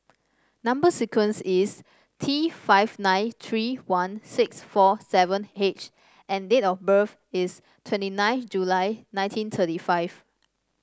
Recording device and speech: standing microphone (AKG C214), read sentence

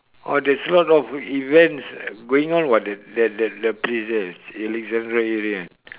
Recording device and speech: telephone, conversation in separate rooms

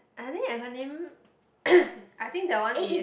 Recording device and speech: boundary microphone, conversation in the same room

